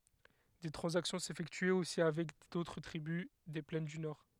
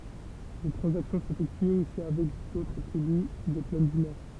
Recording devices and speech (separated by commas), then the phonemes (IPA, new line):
headset microphone, temple vibration pickup, read sentence
de tʁɑ̃zaksjɔ̃ sefɛktyɛt osi avɛk dotʁ tʁibys de plɛn dy nɔʁ